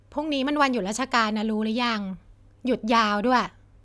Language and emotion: Thai, neutral